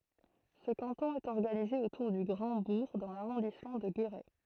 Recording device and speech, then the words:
throat microphone, read sentence
Ce canton est organisé autour du Grand-Bourg dans l'arrondissement de Guéret.

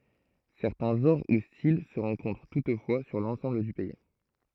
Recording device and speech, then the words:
throat microphone, read sentence
Certains genres ou styles se rencontrent toutefois sur l'ensemble du pays.

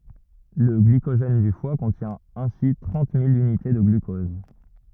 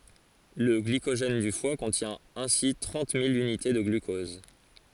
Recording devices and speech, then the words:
rigid in-ear microphone, forehead accelerometer, read sentence
Le glycogène du foie contient ainsi trente mille unités de glucose.

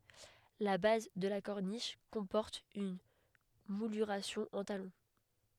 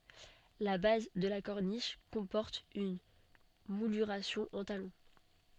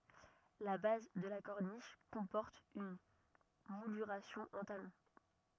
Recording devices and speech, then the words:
headset microphone, soft in-ear microphone, rigid in-ear microphone, read sentence
La base de la corniche comporte une mouluration en talons.

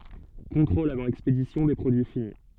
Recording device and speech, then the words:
soft in-ear microphone, read sentence
Contrôles avant expédition des produits finis.

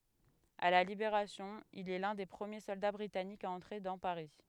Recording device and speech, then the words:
headset microphone, read sentence
À la Libération, il est l'un des premiers soldats britanniques à entrer dans Paris.

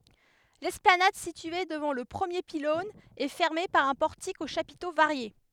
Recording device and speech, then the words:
headset microphone, read sentence
L'esplanade située devant le premier pylône est fermée par un portique aux chapiteaux variés.

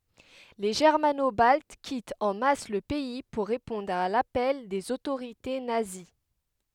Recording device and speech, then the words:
headset microphone, read sentence
Les Germano-Baltes quittent en masse le pays pour répondre à l'appel des autorités nazies.

